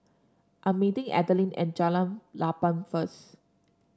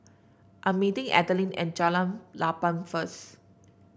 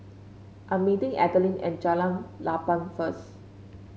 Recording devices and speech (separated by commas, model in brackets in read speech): standing microphone (AKG C214), boundary microphone (BM630), mobile phone (Samsung C5), read sentence